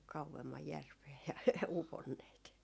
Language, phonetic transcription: Finnish, 'kau₍emmaj "järvee ja , 'uponneet .
- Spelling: kauemmas järveen ja uponneet

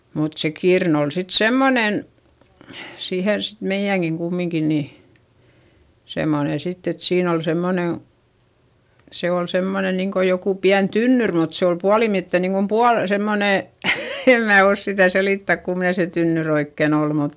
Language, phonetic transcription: Finnish, mut se kirn ‿ol sit semmonen , siihen sit meiʲäŋGiŋ kummiŋki ni , semmone sitt ‿et siin ‿ol semmone , se ol semmone niŋko jokù piän tynnyr mut se ol pualimitte niŋkom pual- , semmone , em mää os sitä̀ selìttäk kumne se tynnyr ‿oikken ‿ol mut ,.
- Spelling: mutta se kirnu oli sitten semmoinen siihen sitten meidänkin kumminkin niin semmoinen sitten että siinä oli semmoinen se oli semmoinen niin kuin joku pieni tynnyri mutta se oli puolimiten niin kuin - semmoinen en minä osaa sitä selittää kummoinen se tynnyri oikein oli mutta

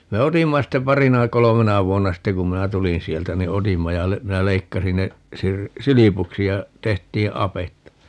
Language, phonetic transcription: Finnish, 'me "otimma ste 'parina 'kolomena 'vuonna 'ste kum 'minä "tulin 'sieltä ni "otimma ja le- , 'minä 'leikkasin ne , 'sir- , "silipuksi ja , 'tehtii "apetta .
- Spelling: me otimme sitten parina kolmena vuonna sitten kun minä tulin sieltä niin otimme ja - minä leikkasin ne - silpuksi ja tehtiin apetta

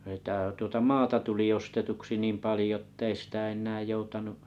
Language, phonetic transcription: Finnish, sətä̀ , tuota "maata 'tuli 'ostetuksi 'niim 'palⁱjo ‿ttei sitä 'en̆nää 'joutanu’ ,.
- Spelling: sitä tuota maata tuli ostetuksi niin paljon että ei sitä enää joutanut

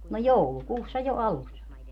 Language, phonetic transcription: Finnish, no "joulukuussa jo 'alussa .
- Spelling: no joulukuussa jo alussa

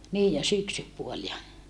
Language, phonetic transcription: Finnish, niij ja syksypuol ja ,.
- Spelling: niin ja syksypuoli ja

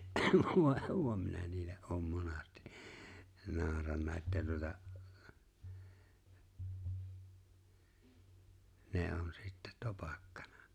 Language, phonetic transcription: Finnish, (vòe) minä 'niille’ ’oom "monasti , 'naaᵒranna että tuᵒta , ne '’on 'sitte "topakkᴀɴᴀ .
- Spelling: voi minä niille olen monasti nauranut että tuota ne on sitten topakkana

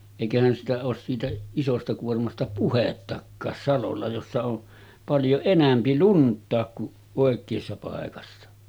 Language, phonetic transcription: Finnish, èikähän sitä oos siitä , 'isosta kuormasta "puhettakkaas 'salolla jossa on , paljo 'enämpi "lunt̆taak ku’ ’òek̀eessa pàekassa .
- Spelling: eikähän sitä ole siitä isosta kuormasta puhettakaan salolla jossa on paljon enempi luntakin kuin oikeassa paikassa

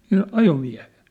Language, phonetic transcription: Finnish, siin "ajomiä̭hᴇ(s) .
- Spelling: siinä ajomiehessä

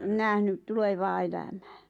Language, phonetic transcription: Finnish, nähnyt 'tulevaa elämää .
- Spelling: nähnyt tulevaa elämää

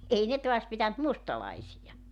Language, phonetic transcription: Finnish, 'ei 'ne toas pitänt "mustalaisija .
- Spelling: ei ne taas pitänyt mustalaisia

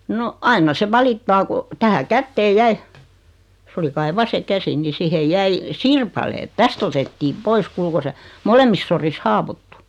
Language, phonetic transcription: Finnish, no , 'ainna se 'valittaa ko , 'tänä "kätteej 'jäi , 's ‿oli kai 'vase 'käsi ni 'sihej "jäi , "sirpaleet "täst otettiiᵐ 'pois kuul ko se , 'molemmis soris "haawottu .
- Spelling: no aina se valittaa kun tähän käteen jäi se oli kai vasen käsi niin siihen jäi sirpaleet tästä otettiin pois kuule kun se molemmissa sodissa haavoittui

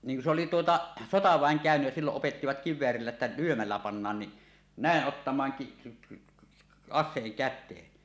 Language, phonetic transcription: Finnish, niŋ ku se oli 'tuota , "sotavä̀eŋ 'kä̀önyj jä "silloˀ 'ˀopettivat 'kiv̆veärillä ‿ttä 'lyömällä pannaan ni , nä̀eˀ 'ˀottam̀aaŋ ki- ki- , "as̆seeŋ 'kät̆teen .
- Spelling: niin kun se oli tuota sotaväen käynyt ja silloin opettivat kiväärillä että lyömällä pannaan niin näin ottamaan - - aseen käteen

